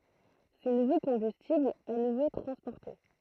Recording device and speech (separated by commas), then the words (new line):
throat microphone, read sentence
Ces nouveaux combustibles à nouveau transportés.